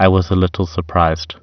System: none